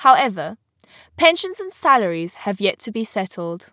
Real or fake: real